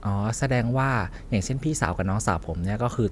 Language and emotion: Thai, neutral